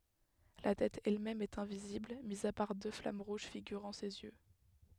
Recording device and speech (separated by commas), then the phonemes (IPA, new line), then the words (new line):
headset microphone, read sentence
la tɛt ɛlmɛm ɛt ɛ̃vizibl mi a paʁ dø flam ʁuʒ fiɡyʁɑ̃ sez jø
La tête elle-même est invisible, mis à part deux flammes rouges figurant ses yeux.